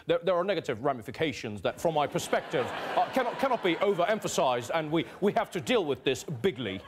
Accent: British accent